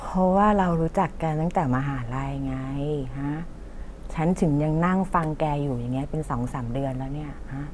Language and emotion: Thai, frustrated